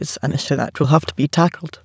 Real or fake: fake